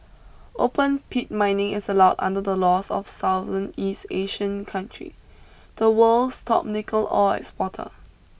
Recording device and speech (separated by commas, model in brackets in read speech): boundary microphone (BM630), read sentence